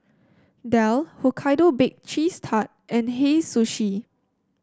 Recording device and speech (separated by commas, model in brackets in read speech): standing microphone (AKG C214), read sentence